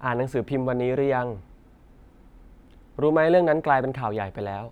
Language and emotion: Thai, neutral